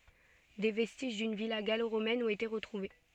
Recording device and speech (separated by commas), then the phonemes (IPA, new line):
soft in-ear microphone, read sentence
de vɛstiʒ dyn vila ɡaloʁomɛn ɔ̃t ete ʁətʁuve